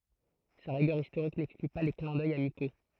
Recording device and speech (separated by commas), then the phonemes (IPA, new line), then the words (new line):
throat microphone, read sentence
sa ʁiɡœʁ istoʁik nɛkskly pa le klɛ̃ dœj amiko
Sa rigueur historique n'exclut pas les clins d’œil amicaux.